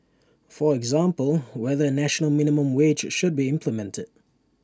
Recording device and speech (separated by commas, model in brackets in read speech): standing microphone (AKG C214), read sentence